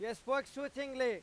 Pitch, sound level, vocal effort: 265 Hz, 101 dB SPL, very loud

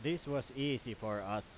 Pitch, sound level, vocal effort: 125 Hz, 92 dB SPL, very loud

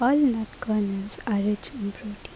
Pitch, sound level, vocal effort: 210 Hz, 75 dB SPL, soft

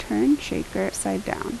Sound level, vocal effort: 77 dB SPL, soft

